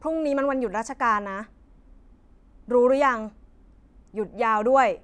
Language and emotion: Thai, frustrated